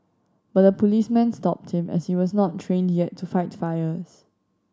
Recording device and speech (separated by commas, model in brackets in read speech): standing microphone (AKG C214), read sentence